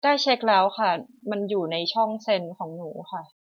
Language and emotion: Thai, neutral